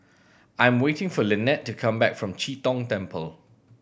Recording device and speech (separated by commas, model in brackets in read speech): boundary microphone (BM630), read sentence